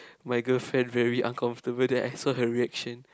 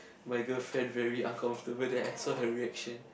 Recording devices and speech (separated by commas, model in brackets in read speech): close-talking microphone, boundary microphone, conversation in the same room